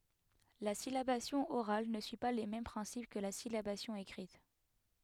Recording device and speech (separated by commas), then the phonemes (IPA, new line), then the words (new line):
headset microphone, read sentence
la silabasjɔ̃ oʁal nə syi pa le mɛm pʁɛ̃sip kə la silabasjɔ̃ ekʁit
La syllabation orale ne suit pas les mêmes principes que la syllabation écrite.